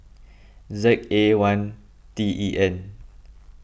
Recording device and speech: boundary microphone (BM630), read sentence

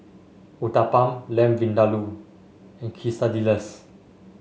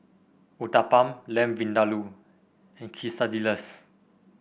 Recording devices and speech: mobile phone (Samsung S8), boundary microphone (BM630), read sentence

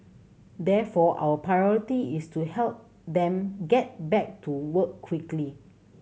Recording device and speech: mobile phone (Samsung C7100), read sentence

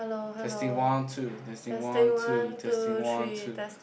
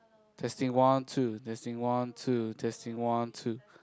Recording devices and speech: boundary microphone, close-talking microphone, conversation in the same room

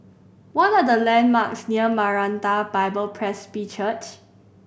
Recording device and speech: boundary microphone (BM630), read sentence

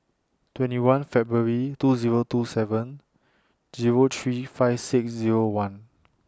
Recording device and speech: standing microphone (AKG C214), read sentence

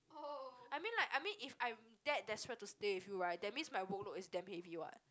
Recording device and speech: close-talking microphone, conversation in the same room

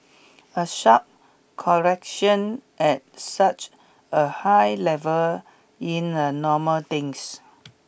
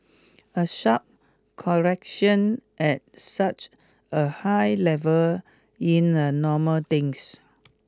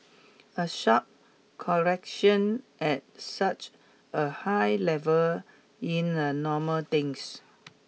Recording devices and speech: boundary microphone (BM630), close-talking microphone (WH20), mobile phone (iPhone 6), read sentence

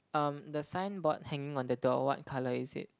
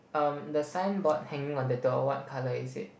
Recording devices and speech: close-talking microphone, boundary microphone, conversation in the same room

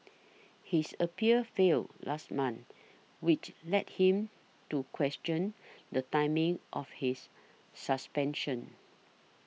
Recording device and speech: mobile phone (iPhone 6), read sentence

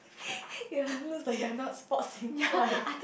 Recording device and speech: boundary microphone, conversation in the same room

